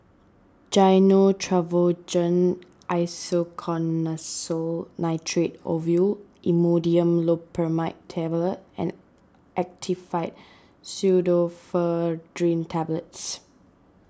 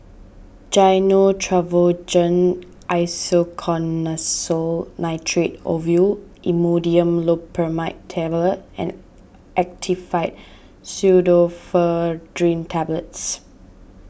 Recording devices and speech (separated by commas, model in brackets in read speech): standing microphone (AKG C214), boundary microphone (BM630), read sentence